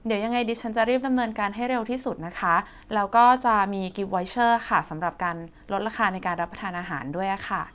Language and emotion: Thai, neutral